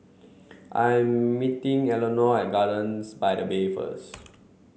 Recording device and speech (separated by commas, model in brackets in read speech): mobile phone (Samsung C7), read sentence